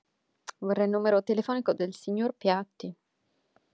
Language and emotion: Italian, neutral